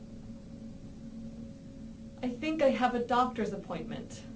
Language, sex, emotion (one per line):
English
female
neutral